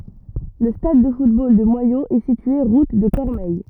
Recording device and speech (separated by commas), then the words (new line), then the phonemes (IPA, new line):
rigid in-ear microphone, read sentence
Le stade de football de Moyaux est situé route de Cormeilles.
lə stad də futbol də mwajoz ɛ sitye ʁut də kɔʁmɛj